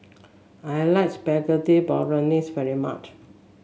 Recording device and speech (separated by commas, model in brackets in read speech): mobile phone (Samsung S8), read sentence